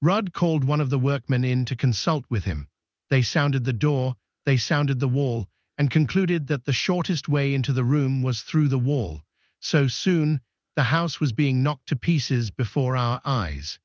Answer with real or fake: fake